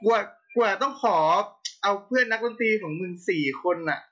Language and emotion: Thai, neutral